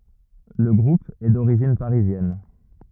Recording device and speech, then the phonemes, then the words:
rigid in-ear microphone, read sentence
lə ɡʁup ɛ doʁiʒin paʁizjɛn
Le groupe est d'origine parisienne.

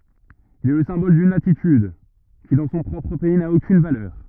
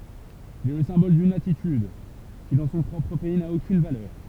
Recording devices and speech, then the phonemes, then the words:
rigid in-ear microphone, temple vibration pickup, read sentence
il ɛ lə sɛ̃bɔl dyn atityd ki dɑ̃ sɔ̃ pʁɔpʁ pɛi na okyn valœʁ
Il est le symbole d'une attitude, qui dans son propre pays n'a aucune valeur.

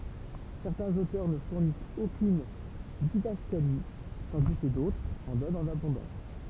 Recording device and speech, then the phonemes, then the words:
temple vibration pickup, read sentence
sɛʁtɛ̃z otœʁ nə fuʁnist okyn didaskali tɑ̃di kə dotʁz ɑ̃ dɔnt ɑ̃n abɔ̃dɑ̃s
Certains auteurs ne fournissent aucune didascalie, tandis que d'autres en donnent en abondance.

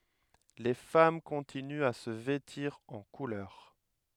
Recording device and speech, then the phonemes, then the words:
headset microphone, read sentence
le fam kɔ̃tinyt a sə vɛtiʁ ɑ̃ kulœʁ
Les femmes continuent à se vêtir en couleurs.

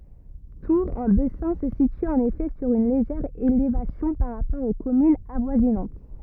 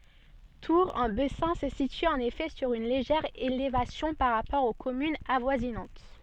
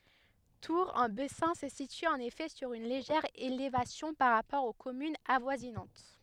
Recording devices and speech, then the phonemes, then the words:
rigid in-ear microphone, soft in-ear microphone, headset microphone, read sentence
tuʁ ɑ̃ bɛsɛ̃ sə sity ɑ̃n efɛ syʁ yn leʒɛʁ elevasjɔ̃ paʁ ʁapɔʁ o kɔmynz avwazinɑ̃t
Tour-en-Bessin se situe en effet sur une légère élévation par rapport aux communes avoisinantes.

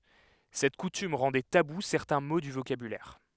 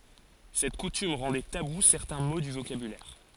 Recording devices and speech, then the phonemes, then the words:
headset microphone, forehead accelerometer, read sentence
sɛt kutym ʁɑ̃dɛ tabu sɛʁtɛ̃ mo dy vokabylɛʁ
Cette coutume rendait tabous certains mots du vocabulaire.

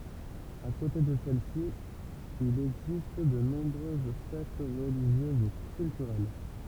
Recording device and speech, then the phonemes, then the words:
temple vibration pickup, read sentence
a kote də sɛlɛsi il ɛɡzist də nɔ̃bʁøz fɛt ʁəliʒjøz u kyltyʁɛl
À côté de celles-ci, il existe de nombreuses fêtes religieuses ou culturelles.

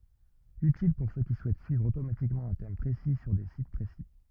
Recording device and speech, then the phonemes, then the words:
rigid in-ear microphone, read sentence
ytil puʁ sø ki suɛt syivʁ otomatikmɑ̃ œ̃ tɛm pʁesi syʁ de sit pʁesi
Utile pour ceux qui souhaitent suivre automatiquement un thème précis sur des sites précis.

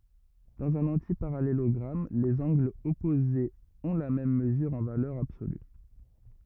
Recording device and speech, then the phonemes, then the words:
rigid in-ear microphone, read sentence
dɑ̃z œ̃n ɑ̃tipaʁalelɔɡʁam lez ɑ̃ɡlz ɔpozez ɔ̃ la mɛm məzyʁ ɑ̃ valœʁ absoly
Dans un antiparallélogramme, les angles opposés ont la même mesure en valeur absolue.

